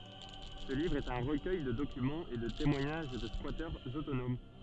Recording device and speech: soft in-ear microphone, read sentence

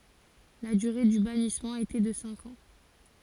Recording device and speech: forehead accelerometer, read sentence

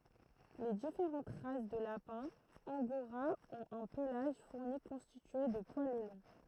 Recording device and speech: throat microphone, read sentence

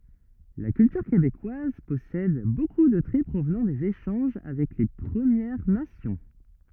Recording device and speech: rigid in-ear microphone, read sentence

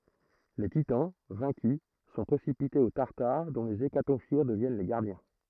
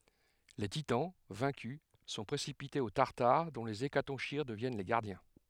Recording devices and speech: throat microphone, headset microphone, read sentence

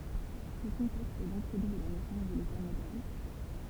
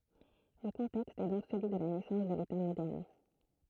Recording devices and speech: temple vibration pickup, throat microphone, read sentence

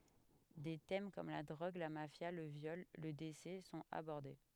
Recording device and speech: headset microphone, read sentence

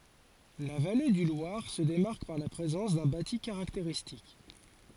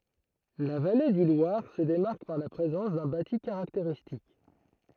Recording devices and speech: forehead accelerometer, throat microphone, read sentence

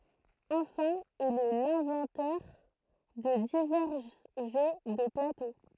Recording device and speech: throat microphone, read sentence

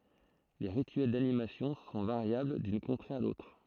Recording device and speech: throat microphone, read sentence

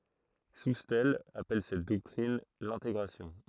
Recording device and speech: throat microphone, read sentence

